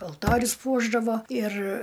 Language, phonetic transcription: Lithuanian, alˈtorius ˈpuošdavo ir

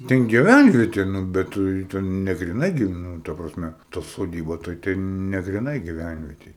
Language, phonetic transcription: Lithuanian, ˈten giˈvænvieti ˈnu ˈbet tɨi ten negriˈnai ˈgi ˈnū ta prasˈme ta soˈdyba tai ˈten ne griˈnai giˈvænvietej

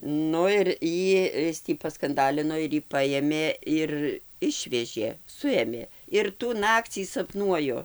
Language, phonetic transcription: Lithuanian, ˈnu ir ˈjį ˈis tį paskanˈdalino ir ˈjį ˈpajėmė ˈir ˈišvežė ˈsuėmė ir tų ˈnakcį saˈpnuoju

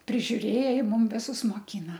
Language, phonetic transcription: Lithuanian, prižiuˈrėja ˈji ˈmum ˈvisus moˈkyna

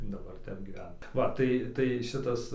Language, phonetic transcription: Lithuanian, daˈbar ˈtep gyˈven ˈva ˈtai ˈtai ˈšitas

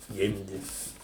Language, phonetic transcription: Lithuanian, ˈgimdi

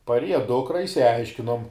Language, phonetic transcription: Lithuanian, parˈieja ˈdukra išsiˈaiškinom

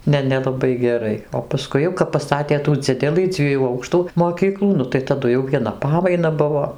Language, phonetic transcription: Lithuanian, ˈne nelaˈbai geˈrai o paˈskui jau kap paˈstatė tų ˈdzidelɨ ˈdzviejų ˈaukštų moˈkyklų ˈnu tai taˈdu jau vieˈna ˈpamaina ˈbuvo

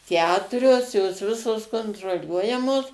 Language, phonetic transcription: Lithuanian, ˈketurios jos ˈvisos kontroˈliuojamos

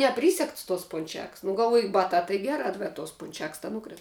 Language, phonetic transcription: Lithuanian, neˈprysegts tos punˈčeks nu galˈvoju ˈbatā tai ˈgerā bet tos ˈpunčeks ta ˈnukris

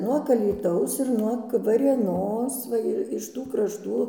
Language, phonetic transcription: Lithuanian, nuog alyˈtaus ir nuog varėˈnos ˈva ir iš ˈtų krašˈtų

